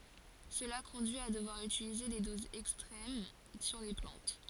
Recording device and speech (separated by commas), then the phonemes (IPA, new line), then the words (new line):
forehead accelerometer, read sentence
səla kɔ̃dyi a dəvwaʁ ytilize de dozz ɛkstʁɛm syʁ le plɑ̃t
Cela conduit à devoir utiliser des doses extrêmes sur les plantes.